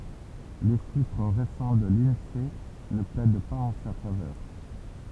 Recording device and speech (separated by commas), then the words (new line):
temple vibration pickup, read sentence
Les chiffres récents de l'Insee ne plaident pas en sa faveur.